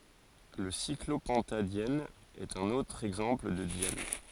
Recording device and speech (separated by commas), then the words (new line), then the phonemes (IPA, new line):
forehead accelerometer, read sentence
Le cyclopentadiène est un autre exemple de diène.
lə siklopɑ̃tadjɛn ɛt œ̃n otʁ ɛɡzɑ̃pl də djɛn